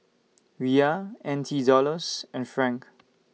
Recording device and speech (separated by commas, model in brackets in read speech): mobile phone (iPhone 6), read sentence